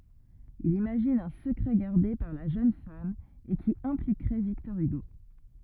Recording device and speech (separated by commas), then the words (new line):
rigid in-ear microphone, read sentence
Il imagine un secret gardé par la jeune femme et qui impliquerait Victor Hugo.